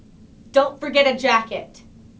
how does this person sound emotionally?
angry